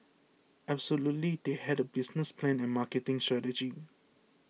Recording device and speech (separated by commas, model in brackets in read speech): mobile phone (iPhone 6), read sentence